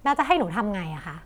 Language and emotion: Thai, frustrated